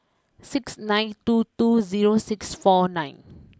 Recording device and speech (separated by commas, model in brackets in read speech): close-talking microphone (WH20), read sentence